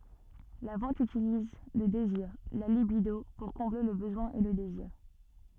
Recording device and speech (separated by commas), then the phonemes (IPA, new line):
soft in-ear microphone, read sentence
la vɑ̃t ytiliz lə deziʁ la libido puʁ kɔ̃ble lə bəzwɛ̃ e lə deziʁ